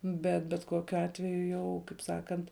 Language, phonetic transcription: Lithuanian, ˈbet bet ˈkokiu ˈatveju jau kaip ˈsakant

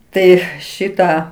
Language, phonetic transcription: Lithuanian, ˈtai ˈšitą

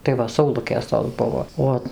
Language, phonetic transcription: Lithuanian, tai ˈva sauˈlukės tos ˈbuvo ˈo

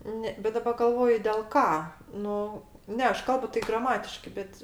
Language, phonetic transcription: Lithuanian, ˈne bet daˈba galˈvoju dėl ˈką ˈnu ˈne ˈaš ˈkalbu tai ˈgramatiškai ˈbet

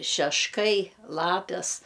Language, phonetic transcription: Lithuanian, šešˈkai ˈlapes

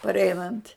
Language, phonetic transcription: Lithuanian, parˈeinant'

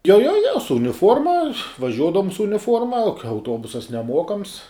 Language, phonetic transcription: Lithuanian, jo jo jo su uniˈfuorma vaˈžiuodavum su uniˈfuorma o ka auˈtuobusas neˈmuokams

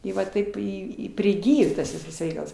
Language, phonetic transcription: Lithuanian, ˈi va ˈtaip iˈ i priˈgijo tas ˈvisas ˈreikals

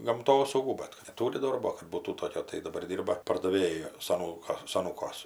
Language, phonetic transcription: Lithuanian, gamˈtosaugų ˈbat kad neˈtūri ˈdorbo kad ˈbūtų ˈtokio tai daˈbar ˈdyrba pardaˈvėju saˈnūka saˈnūkuos

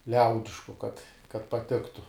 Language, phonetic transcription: Lithuanian, ˈliaudišku kad kad paˈtiktu

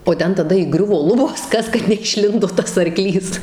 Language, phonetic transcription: Lithuanian, o ˈten taˈda įˈgriuvo ˈlubos ˈkas kad neišˈlindo ˈtas arˈklys

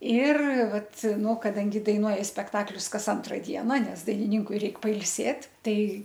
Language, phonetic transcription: Lithuanian, ir ˈvat ˈnu kaˈdangi daiˈnuoji spekˈtaklius ˈkas ˈantra ˈdiena ˈnes dainiˈninkui ˈreik pailˈsėt' ˈtai

